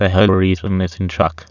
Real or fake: fake